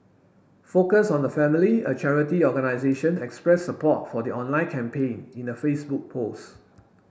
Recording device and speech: boundary microphone (BM630), read sentence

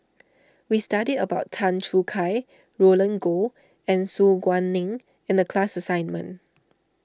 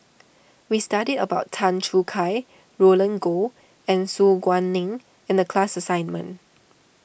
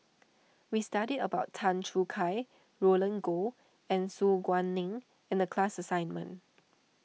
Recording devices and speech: standing microphone (AKG C214), boundary microphone (BM630), mobile phone (iPhone 6), read sentence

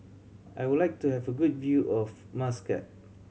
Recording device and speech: mobile phone (Samsung C7100), read sentence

